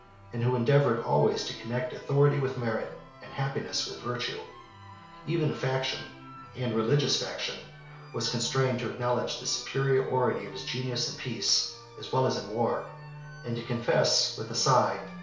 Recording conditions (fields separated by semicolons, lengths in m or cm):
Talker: one person; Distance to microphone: 1.0 m; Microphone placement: close; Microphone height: 1.1 m; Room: small (3.7 m by 2.7 m); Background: music